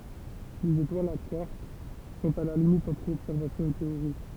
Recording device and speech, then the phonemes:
temple vibration pickup, read sentence
lez etwalz a kwaʁk sɔ̃t a la limit ɑ̃tʁ ɔbsɛʁvasjɔ̃ e teoʁi

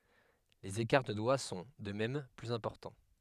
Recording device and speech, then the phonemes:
headset microphone, read sentence
lez ekaʁ də dwa sɔ̃ də mɛm plyz ɛ̃pɔʁtɑ̃

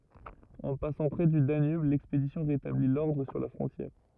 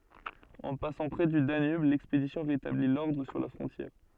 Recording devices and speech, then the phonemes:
rigid in-ear microphone, soft in-ear microphone, read sentence
ɑ̃ pasɑ̃ pʁɛ dy danyb lɛkspedisjɔ̃ ʁetabli lɔʁdʁ syʁ la fʁɔ̃tjɛʁ

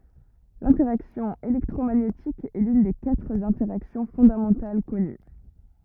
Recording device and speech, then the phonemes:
rigid in-ear microphone, read sentence
lɛ̃tɛʁaksjɔ̃ elɛktʁomaɲetik ɛ lyn de katʁ ɛ̃tɛʁaksjɔ̃ fɔ̃damɑ̃tal kɔny

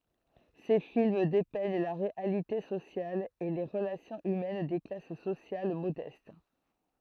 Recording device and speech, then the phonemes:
throat microphone, read sentence
se film depɛɲ la ʁealite sosjal e le ʁəlasjɔ̃z ymɛn de klas sosjal modɛst

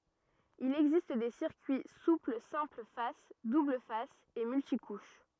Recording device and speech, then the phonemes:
rigid in-ear microphone, read sentence
il ɛɡzist de siʁkyi supl sɛ̃pl fas dubl fas e myltikuʃ

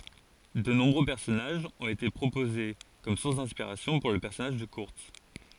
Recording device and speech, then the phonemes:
forehead accelerometer, read sentence
də nɔ̃bʁø pɛʁsɔnaʒz ɔ̃t ete pʁopoze kɔm suʁs dɛ̃spiʁasjɔ̃ puʁ lə pɛʁsɔnaʒ də kyʁts

